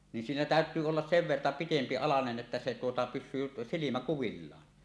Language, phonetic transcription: Finnish, nin siinä "tä̀öt̆yy ollas 'sev 'verta 'pitempi "alanen 'ˀettä se tuota pyšsyy silimä 'kuvillaan .
- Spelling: niin siinä täytyy olla sen verta pitempi alanen että se tuota pysyy silmä kuvillaan

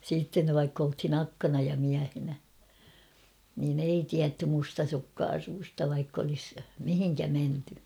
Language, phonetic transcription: Finnish, siitten̳ vaikk ‿olthin "akkana ja 'miähenä , niin ‿ei 'tiätty 'mustasukkaasuu[res]ta vaikk ‿olis , 'mihiŋkä menty .
- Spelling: sitten vaikka oltiin akkana ja miehenä niin ei tiedetty mustasukkaisuudesta vaikka olisi mihin menty

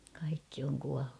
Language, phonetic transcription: Finnish, kaikki oŋ kuallu .
- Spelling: kaikki on kuollut

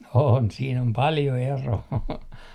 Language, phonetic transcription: Finnish, on , sii'n ‿om "paljo 'eroo .
- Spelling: on siinä on paljon eroa

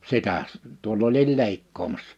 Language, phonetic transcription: Finnish, 'sitä « , 'tuoll ‿olil 'leikkoomassᴀ .
- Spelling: sitä tuolla olin leikkaamassa

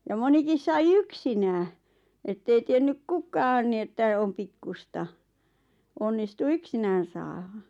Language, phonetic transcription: Finnish, ja 'monikis sai "yksinää , 'ettei tiennyk "kukaan ni että om "pikkusta , 'onnistu "yksinään̬ saaha .
- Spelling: ja monikin sai yksinään että ei tiennyt kukaan niin että on pikkuista onnistui yksinään saada

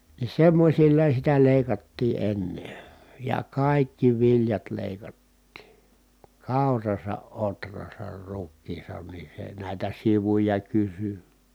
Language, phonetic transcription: Finnish, ni semmośilla sitä lèi̮kattii ʼenne , ja kàikki viljat lèikattii , kàurasa ʼotrasar rukkiisan ni se nä̀itä sivuja kysy .
- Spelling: niin semmoisilla sitä leikattiin ennen ja kaikki viljat leikattiin kaurassa ohrassa rukiissa niin se näitä sivuja kysyi

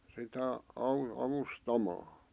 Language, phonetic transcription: Finnish, sitä , 'au- , 'avustamaa .
- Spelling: sitä - avustamaan

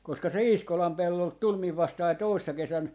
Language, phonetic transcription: Finnish, koska se "Iiskolam 'pellolt "tul 'miv 'vastai "toissa 'kesän , .
- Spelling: koska se Iiskolan pellolta tuli minun vastaani toissa kesänä

